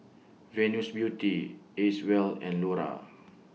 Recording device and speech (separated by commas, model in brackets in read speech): mobile phone (iPhone 6), read sentence